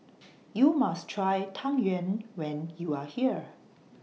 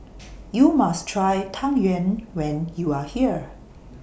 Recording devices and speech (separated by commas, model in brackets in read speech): mobile phone (iPhone 6), boundary microphone (BM630), read sentence